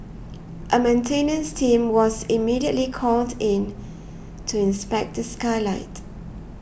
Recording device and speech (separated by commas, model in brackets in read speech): boundary microphone (BM630), read sentence